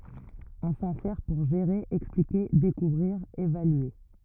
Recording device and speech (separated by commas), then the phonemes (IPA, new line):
rigid in-ear microphone, read sentence
ɔ̃ sɑ̃ sɛʁ puʁ ʒeʁe ɛksplike dekuvʁiʁ evalye